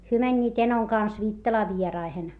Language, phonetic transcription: Finnish, hyö mäńńiit enoŋ kans Viittalaa vieraihen .
- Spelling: he menivät enon kanssa Viittalaan vieraisiin

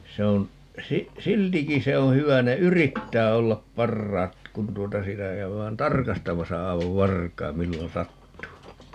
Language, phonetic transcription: Finnish, 'se on , 'si- , "siltiki 'se oo̰ 'hyvä - ne "yrittää 'ollap "parraat , kun 'tuota 'sitä 'käyvään "tarkastamasa 'ai̮vav "varkai̮m 'millon "sattuu .
- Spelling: se on - siltikin se on hyvä ne yrittää olla parhaat kun tuota sitä käydään tarkastamassa aivan varkain milloin sattuu

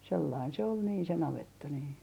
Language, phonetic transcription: Finnish, 'sellain se ol niin se 'navetta nii .
- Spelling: sellainen se oli niin se navetta niin

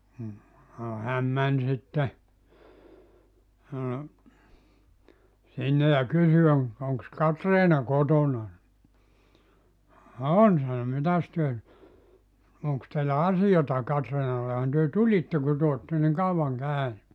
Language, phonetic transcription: Finnish, m̥ , sano 'häm 'män sitte , , 'sinne ja 'kysy oŋ- , » oŋks "Katriina "kotona « ni , » "on « sano » 'mitäs työ nyt , 'oŋks teillä "asijata 'Katriinallehan työ "tulitte ku 'työ otte niŋ 'kauvaŋ 'kä̀yny « .
- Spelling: mm sanoi hän meni sitten sinne ja kysyi - onkos Katriina kotona niin on sanoi mitäs te nyt onkos teillä asiaa Katriinallehan te tulitte kun te olette niin kauan käynyt

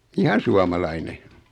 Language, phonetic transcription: Finnish, 'ihan̬ suamalaine .
- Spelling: ihan suomalainen

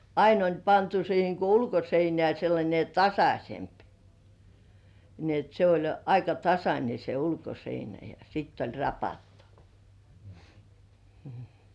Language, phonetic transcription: Finnish, 'ain ‿oĺ 'pantu siiheŋ ko 'ulkoseinĕä̀ sellańe "tasaśemp , ni ‿et se oĺ 'aika "tasańe se 'ulkoseinä ja sitt ‿oĺ 'rapattᴜ , m̥ .
- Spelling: aina oli pantu siihen kun ulkoseinään sellainen tasaisempi niin että se oli aika tasainen se ulkoseinä ja sitä oli rapattu mm

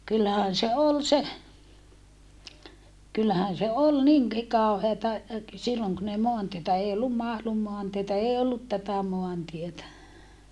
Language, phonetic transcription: Finnish, kyllähän se ol se , kyllähän se ol niŋki kaoheeta , silloŋ kun ‿ei moantietä ei ollum Mahlum moantietä ee ollut tätä moantietä .
- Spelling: kyllähän se oli se kyllähän se oli niinkin kauheata silloin kun ei maantietä ei ollut Mahlun maantietä ei ollut tätä maantietä

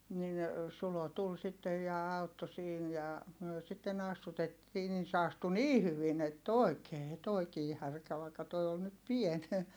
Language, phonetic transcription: Finnish, nin , Sulo tul sittej ja autto siin ja , myö sitten ‿astutettii - nin se astu nii hyvin ‿ett ‿òi̮kee , tòi̮kii härkä vaikka toi on nyt pien .
- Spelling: niin Sulo tuli sitten ja auttoi siinä ja me sitten astutettiin niin se astui niin hyvin että oikein tuokin härkä vaikka tuo on nyt pieni

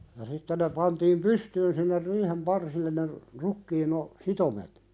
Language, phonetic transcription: Finnish, ja sitte ne pantiim "pystyyn sinner 'riihem "parsilleⁿ ne , 'rukkiin ‿o- , "sitomet .
- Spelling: ja sitten ne pantiin pystyyn sinne riihen parsille ne rukiin - sitomet

